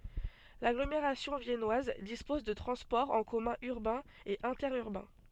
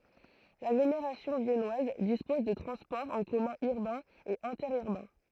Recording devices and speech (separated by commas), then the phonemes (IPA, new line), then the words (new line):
soft in-ear microphone, throat microphone, read sentence
laɡlomeʁasjɔ̃ vjɛnwaz dispɔz də tʁɑ̃spɔʁz ɑ̃ kɔmœ̃ yʁbɛ̃z e ɛ̃tɛʁyʁbɛ̃
L'agglomération viennoise dispose de transports en commun urbains et interurbains.